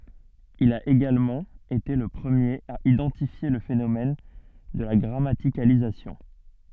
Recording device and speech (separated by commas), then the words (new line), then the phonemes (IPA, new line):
soft in-ear microphone, read sentence
Il a également été le premier à identifier le phénomène de la grammaticalisation.
il a eɡalmɑ̃ ete lə pʁəmjeʁ a idɑ̃tifje lə fenomɛn də la ɡʁamatikalizasjɔ̃